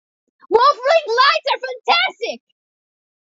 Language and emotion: English, happy